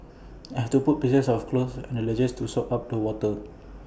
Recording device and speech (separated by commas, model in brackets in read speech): boundary microphone (BM630), read sentence